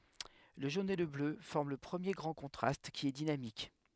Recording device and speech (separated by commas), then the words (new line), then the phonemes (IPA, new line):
headset microphone, read sentence
Le jaune et le bleu forment le premier grand contraste, qui est dynamique.
lə ʒon e lə blø fɔʁm lə pʁəmje ɡʁɑ̃ kɔ̃tʁast ki ɛ dinamik